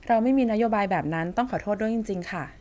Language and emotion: Thai, neutral